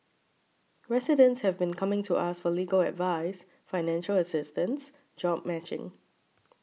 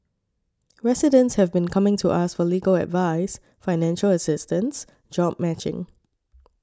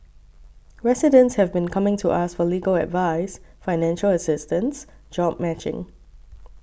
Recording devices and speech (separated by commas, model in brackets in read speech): mobile phone (iPhone 6), standing microphone (AKG C214), boundary microphone (BM630), read sentence